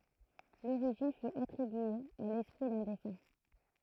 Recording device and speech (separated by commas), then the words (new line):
throat microphone, read sentence
L'origine fut attribuée à l'esprit d'un défunt.